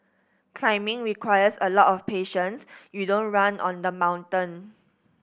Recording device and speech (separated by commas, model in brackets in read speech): boundary microphone (BM630), read sentence